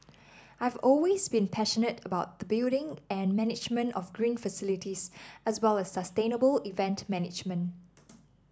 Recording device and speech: standing microphone (AKG C214), read sentence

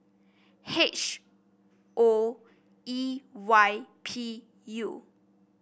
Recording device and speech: boundary microphone (BM630), read sentence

